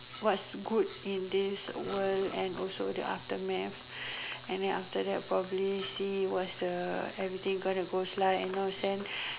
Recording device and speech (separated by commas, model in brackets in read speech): telephone, conversation in separate rooms